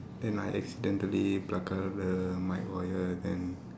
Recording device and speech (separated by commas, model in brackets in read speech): standing microphone, conversation in separate rooms